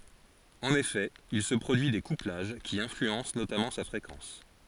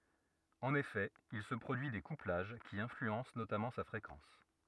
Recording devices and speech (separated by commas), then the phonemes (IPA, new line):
forehead accelerometer, rigid in-ear microphone, read sentence
ɑ̃n efɛ il sə pʁodyi de kuplaʒ ki ɛ̃flyɑ̃s notamɑ̃ sa fʁekɑ̃s